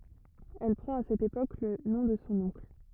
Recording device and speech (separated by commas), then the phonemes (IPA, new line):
rigid in-ear microphone, read sentence
ɛl pʁɑ̃t a sɛt epok lə nɔ̃ də sɔ̃ ɔ̃kl